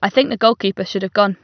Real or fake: real